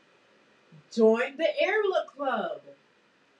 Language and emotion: English, happy